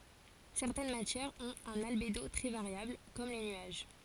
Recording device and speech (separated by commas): forehead accelerometer, read sentence